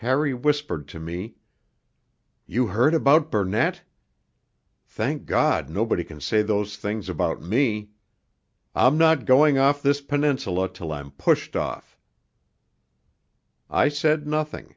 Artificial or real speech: real